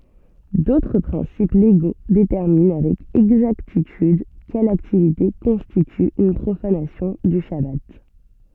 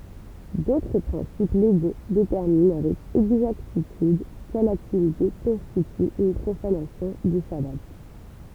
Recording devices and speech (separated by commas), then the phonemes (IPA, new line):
soft in-ear microphone, temple vibration pickup, read sentence
dotʁ pʁɛ̃sip leɡo detɛʁmin avɛk ɛɡzaktityd kɛl aktivite kɔ̃stity yn pʁofanasjɔ̃ dy ʃaba